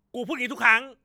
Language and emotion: Thai, angry